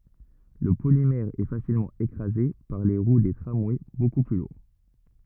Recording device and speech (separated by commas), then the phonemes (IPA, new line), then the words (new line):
rigid in-ear microphone, read sentence
lə polimɛʁ ɛə fasilmɑ̃ ekʁaze paʁ leə ʁwə deə tʁamwɛ boku ply luʁ
Le polymère est facilement écrasé par les roues des tramways beaucoup plus lourds.